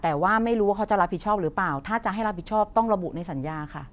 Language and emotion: Thai, neutral